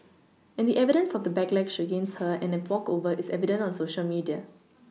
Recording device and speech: mobile phone (iPhone 6), read sentence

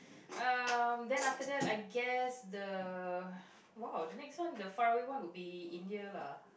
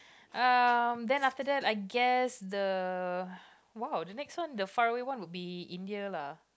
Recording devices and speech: boundary microphone, close-talking microphone, conversation in the same room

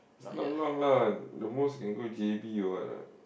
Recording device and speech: boundary microphone, conversation in the same room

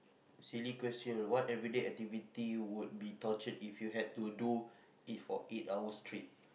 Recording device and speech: boundary microphone, conversation in the same room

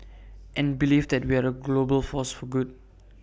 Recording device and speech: boundary microphone (BM630), read sentence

